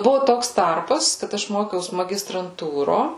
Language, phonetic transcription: Lithuanian, ˈbuvo ˈtoks ˈtarpas kad ˈaš ˈmokiaus magistranˈtūro

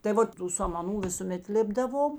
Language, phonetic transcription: Lithuanian, tai ˈvot tų samaˈnų visuˈmet ˈlėpdavom

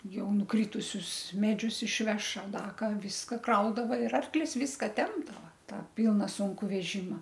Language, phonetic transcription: Lithuanian, ˈjau nuˈkritusius ˈmedžius išˈveš ar ˈda ˈką ˈviska ˈkraudava ir ˈarklis ˈviska ˈtempdava ˈtą ˈpilna ˈsunku veˈžima

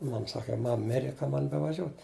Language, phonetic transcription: Lithuanian, ˈmam ˈsaka ˈmam ˈmire ˈkam ˈman bevaˈžiot'

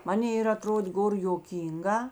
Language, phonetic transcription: Lithuanian, ˈmanė ir aˈtrodė ˈgor joˈkynˌgā

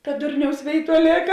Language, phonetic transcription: Lithuanian, ka ˈdurniaus ˈvėiˌtuo ˈlėka

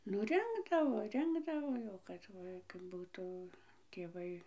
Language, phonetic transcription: Lithuanian, nu ˈrinkdavo ˈrinkdavo jau ˈkad kad ˈbūtu tėˈvai

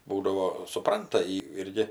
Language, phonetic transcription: Lithuanian, ˈbūdavo suˈpranta ji ˈirgi

